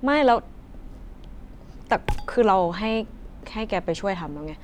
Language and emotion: Thai, frustrated